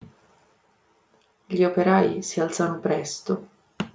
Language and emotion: Italian, sad